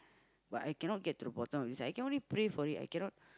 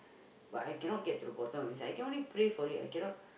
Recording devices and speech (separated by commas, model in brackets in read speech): close-talking microphone, boundary microphone, conversation in the same room